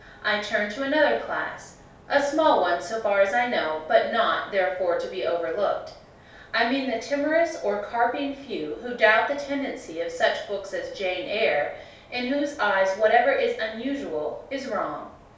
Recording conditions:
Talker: one person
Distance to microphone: 3.0 m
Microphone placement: far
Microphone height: 1.8 m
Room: small (3.7 m by 2.7 m)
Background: none

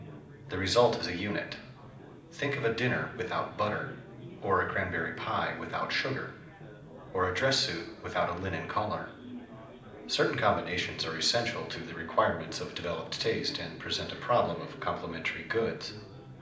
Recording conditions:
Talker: one person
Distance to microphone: 2.0 m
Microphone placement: close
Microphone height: 99 cm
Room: medium-sized (5.7 m by 4.0 m)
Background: babble

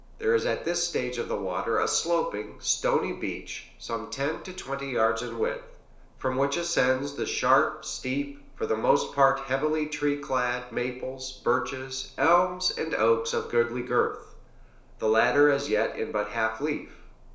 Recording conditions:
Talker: one person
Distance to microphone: 1.0 m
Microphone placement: close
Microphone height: 1.1 m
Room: small (3.7 m by 2.7 m)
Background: none

